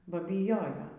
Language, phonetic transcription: Lithuanian, ˈba byˈjojo

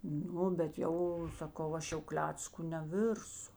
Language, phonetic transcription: Lithuanian, ˈnu bet ˈjau saˈkau ˈaš jau ˈklecku neˈvirsu

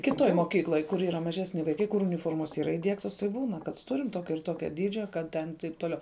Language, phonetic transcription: Lithuanian, kiˈtoj moˈkykloj kur yˈra maˈžesni vaiˈkai kur uniˈformos yˈra įˈdiegtos tai ˈbūna kad ˈturim ˈtokia ir ˈtokia ˈdydžia ˈkad ten taip toˈliau

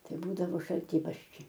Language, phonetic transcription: Lithuanian, ˈtai ˈbūdavo šalˈtybarščiai

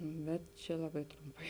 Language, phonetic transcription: Lithuanian, ˈbet čia ˈlaˌbai ˈtrumˌpai

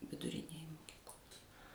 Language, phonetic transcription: Lithuanian, viduˈrinėj moˈkyklos

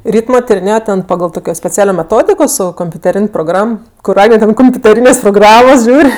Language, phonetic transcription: Lithuanian, ˈrytmo tiriˈnėjo ˈten paˈgal ˈtokio speˈcialio meˈtodiko ˈsu kompiuteˈrin' proˈgram kur ˈagne ˈten kompiuteˈrynės' proˈgramos ˈžiūr'

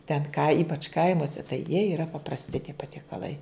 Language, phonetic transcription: Lithuanian, ten ka ˈypač ˈkaimuose tai jie yˈra paprasˈti tie patiekaˈlai

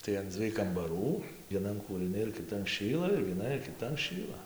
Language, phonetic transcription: Lithuanian, tai an ˈdzviej kambaˈrų vieˈnan kūrɨˈni ir kiˈtan ˈšyla ir vieˈnan ir kiˈtan ˈšyla

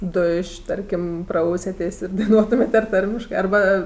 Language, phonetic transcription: Lithuanian, ˈduš' iˈtarkim ˈprausiatės' ir daiˈnuotumėt' ar ˈtarmiškɜ arˈba

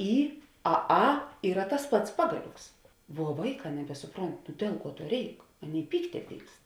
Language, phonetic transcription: Lithuanian, ˈy a ˈa ˈyra tas ˈpats ˈpagaˌlioks vuo ˈvaiˌkā nebesuˈpront nu ˈdiel ˌkuo ˈtuo ˈreik ˈaˌnėi ˈpykte ˈpykst

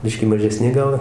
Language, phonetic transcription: Lithuanian, ˈbiškį mažeˈsni ˈgal

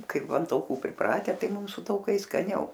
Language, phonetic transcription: Lithuanian, ˈkaip an tauˈkų priˈprate ˈtai ˈmum su tauˈkais skaˈniau

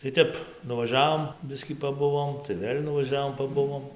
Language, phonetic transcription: Lithuanian, tai ˈtep nuvaˈžiavom ˈbiskį paˈbuvom tai ˈvėl' nuvaˈžiavom paˈbuvom

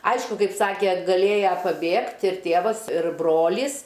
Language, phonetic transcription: Lithuanian, ˈaišku ˈkaip ˈsakė gaˈlėja paˈbėgt ir ˈtėvas ir ˈbrolys

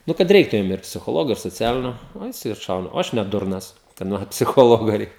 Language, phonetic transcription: Lithuanian, ˈnu kad ˈreiktu jum ir psichoˈlogo ir soˈcialinio ˈnu jiˈsai atˈšauna o ˈaš ne ˈdurnas kadˈman psiˈchologo ˈreikia

